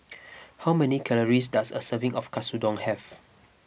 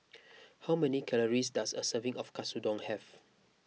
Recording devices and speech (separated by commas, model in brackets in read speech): boundary microphone (BM630), mobile phone (iPhone 6), read sentence